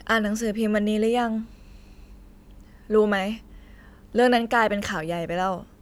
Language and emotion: Thai, frustrated